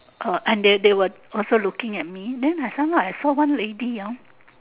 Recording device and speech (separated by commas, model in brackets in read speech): telephone, conversation in separate rooms